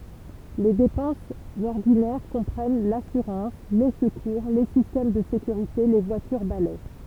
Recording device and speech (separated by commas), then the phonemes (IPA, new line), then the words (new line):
temple vibration pickup, read sentence
le depɑ̃sz ɔʁdinɛʁ kɔ̃pʁɛn lasyʁɑ̃s le səkuʁ le sistɛm də sekyʁite le vwatyʁ balɛ
Les dépenses ordinaires comprennent l'assurance, les secours, les systèmes de sécurité, les voitures balai...